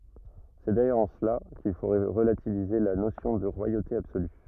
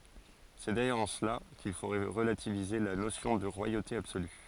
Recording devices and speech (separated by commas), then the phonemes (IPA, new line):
rigid in-ear microphone, forehead accelerometer, read sentence
sɛ dajœʁz ɑ̃ səla kil fo ʁəlativize la nosjɔ̃ də ʁwajote absoly